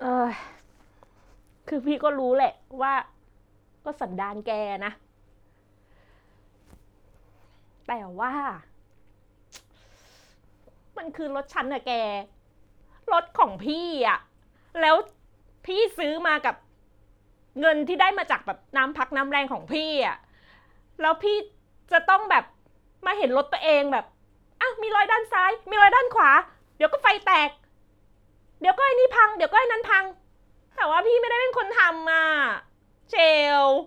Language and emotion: Thai, frustrated